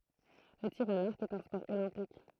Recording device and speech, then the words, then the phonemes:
throat microphone, read sentence
Le tir à l'arc est un sport olympique.
lə tiʁ a laʁk ɛt œ̃ spɔʁ olɛ̃pik

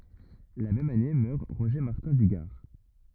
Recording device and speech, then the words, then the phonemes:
rigid in-ear microphone, read sentence
La même année meurt Roger Martin du Gard.
la mɛm ane mœʁ ʁoʒe maʁtɛ̃ dy ɡaʁ

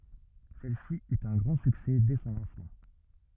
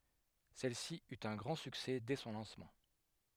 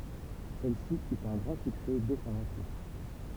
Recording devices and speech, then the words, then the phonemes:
rigid in-ear microphone, headset microphone, temple vibration pickup, read sentence
Celle-ci eut un grand succès dès son lancement.
sɛlsi yt œ̃ ɡʁɑ̃ syksɛ dɛ sɔ̃ lɑ̃smɑ̃

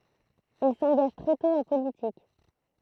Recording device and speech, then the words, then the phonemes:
throat microphone, read sentence
Il s'engage très tôt en politique.
il sɑ̃ɡaʒ tʁɛ tɔ̃ ɑ̃ politik

